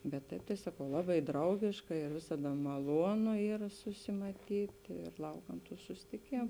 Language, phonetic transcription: Lithuanian, bet ˈtaip tai ˈsakau ˈlaˌbai ˈdraugiška ir ˈvisada maˈluonu ˈyra susimaˈtyt' ir ˈlaukam tų susitiˈkėmu

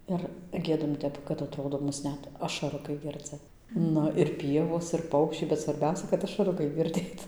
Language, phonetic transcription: Lithuanian, ir ˈgiedam ˈtep kad atˈrodo ˈmus ˈnet ašaˈrukai ˈgirdzɨ ˈnu ir ˈpievos ir ˈpaukščiai bet svarˈbiausia kad ašaˈrukai girˈdėt

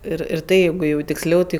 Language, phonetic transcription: Lithuanian, ˈir ir ˈtai ˈjeigu jau tiksˈliau ˈtai

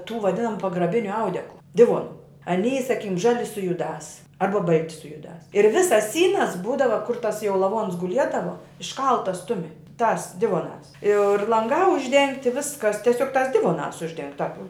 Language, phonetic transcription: Lithuanian, tų vaˈdinamu pagraˈbiniu ˈaudeklu ˈdivonu aˈnyji saˈkykim ˈžali su juˈdās ˈarba ˈbalti su juˈdās ir ˈvisas ˈsynas ˈbūdava kur tas jau laˈvons guˈliedavo išˈkaltas ˈtumi tās ˈdivonās ir lanˈgā užˈdengti ˈviskas tieˈsiog tās ˈdivonās užˈdeng tāp

